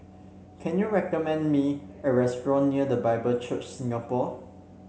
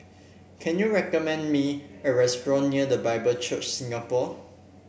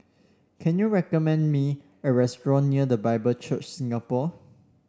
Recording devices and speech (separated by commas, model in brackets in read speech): mobile phone (Samsung C7), boundary microphone (BM630), standing microphone (AKG C214), read sentence